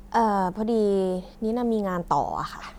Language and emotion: Thai, neutral